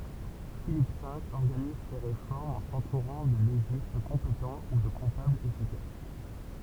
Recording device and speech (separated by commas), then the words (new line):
temple vibration pickup, read sentence
Philippe V organise ses réformes en s'entourant de légistes compétents ou de comptables efficaces.